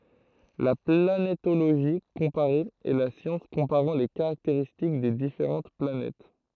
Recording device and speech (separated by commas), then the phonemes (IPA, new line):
throat microphone, read sentence
la planetoloʒi kɔ̃paʁe ɛ la sjɑ̃s kɔ̃paʁɑ̃ le kaʁakteʁistik de difeʁɑ̃t planɛt